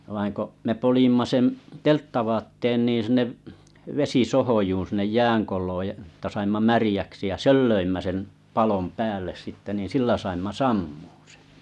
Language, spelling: Finnish, vaan kun me poljmme sen telttavaatteen niin sinne vesisohjoon sinne jäänkolon ja että saimme märäksi ja sen löimme sen palon päälle sitten niin sillä saimme sammumaan sen
- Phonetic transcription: vaiŋ ko’ , 'me 'polijmma sem’ , "telttavaatten ni 'sinne’ , 'vesisohojuun siǹej 'jääŋkoìoj (ja) [et]ta saimma 'märijäksi ja "sel löimmä sem , 'palom 'pääl̆les sitte nin̬ 'sillä saimma "sammᴜᴜ sᴇɴ .

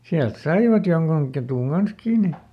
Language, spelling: Finnish, sieltä saivat jonkun ketun kanssa kiinni
- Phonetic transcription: ˈsiält "saivat ˈjoŋkuŋ ketùŋ ˈGans "kiini .

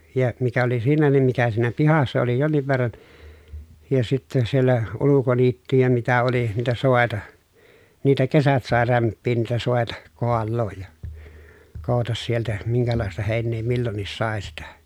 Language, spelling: Finnish, ja mikä oli siinä niin mikä siinä pihassa oli jonkin verran ja sitten siellä ulkoniittyjä mitä oli niitä soita niitä kesät sai rämpiä niitä soita kaaloa ja koota sieltä minkälaista heinää milloinkin sai sitä
- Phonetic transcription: ja , mikä oli siinä nim mikä siinä pihassa oli jonniv verran , ja sitte siellä , ulukoniittyjä mitä oli , niitä sòeta , niitä kesät sàe rämppiin niitä sòeta , koallooj ja , kou̬tas sieltä , miŋkälàesta hèin̆nee millonnis sàe sitä .

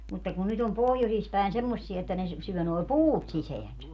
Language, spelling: Finnish, mutta kun nyt on pohjoisissa päin semmoisia että ne syö nuo puut sisäänsä
- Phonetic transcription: mutta kun 'nyt ‿om 'pohjosis pä̀en 'semmossiɛ että ne 'syö noi̮ "puut 'siseänsä .

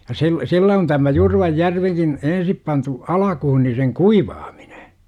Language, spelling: Finnish, ja sillä sillä on tämä Jurvajärvikin ensin pantu alkuun niin sen kuivaaminen
- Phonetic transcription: ja siˡ- , "sillä on tämä "Jurvajjärvikin , 'ensip pantu , 'alakuhu ni seŋ "kuivaaMINE .

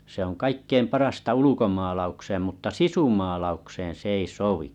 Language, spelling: Finnish, se on kaikkein parasta ulkomaalaukseen mutta sisumaalaukseen se ei sovi
- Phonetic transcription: se ‿oŋ 'kaikkeim 'parasta 'ulukomaalaukseem mutta "sisumaalaukseen̬ 's ‿ei 'sovi .

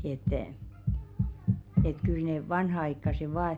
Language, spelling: Finnish, että että kyllä ne vanhanaikaiset vain
- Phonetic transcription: et , et kyl nè 'vanha₍aikkase 'vaa ,.

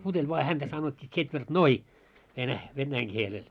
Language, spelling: Finnish, puteli vaan häntä sanottiin tsetvertnoi - venäjän kielellä
- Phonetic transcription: puteĺ voa 'häntä sanot́t́ii 'ts̆etvert"noi , venä- 'vennäiŋ 'kielel .

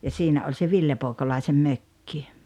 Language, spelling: Finnish, ja siinä oli se Ville Poikolaisen mökki
- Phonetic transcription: ja 'siinä oĺ se "Ville 'Pooᵉkolaisem 'mökki .

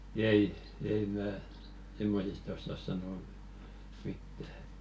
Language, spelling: Finnish, ei ei minä semmoisista osaa sanoa mitään että
- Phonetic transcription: 'ei , ei 'mää , "simmosista ossas sanò , 'mittä ᴇt .

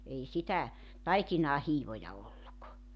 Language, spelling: Finnish, ei sitä taikinaan hiivoja ollut
- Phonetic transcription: 'ei 'sitä , "taikinaa 'hiivoja 'olluk .

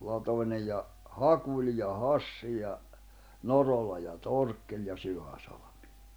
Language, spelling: Finnish, latoineen ja Hakuli ja Hassi ja Norola ja Torkkeli ja Syväsalmi
- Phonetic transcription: 'latoǹeʲ ja , "Hakuli ja "Hassi ja , "Norola ja 'Torkkeĺ ja 'Syʷäsaʟᴬᴍɪ .

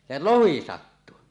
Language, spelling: Finnish, se lohi sattui
- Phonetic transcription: se "lohi 'sattu .

